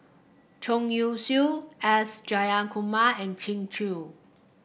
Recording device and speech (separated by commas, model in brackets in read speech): boundary microphone (BM630), read sentence